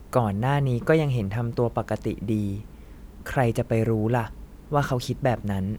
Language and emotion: Thai, neutral